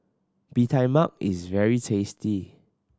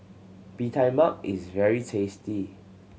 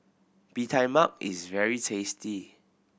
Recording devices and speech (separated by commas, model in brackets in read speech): standing microphone (AKG C214), mobile phone (Samsung C7100), boundary microphone (BM630), read sentence